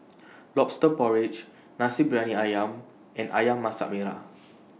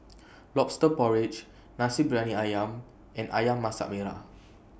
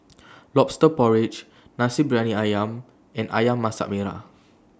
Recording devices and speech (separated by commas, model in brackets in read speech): mobile phone (iPhone 6), boundary microphone (BM630), standing microphone (AKG C214), read sentence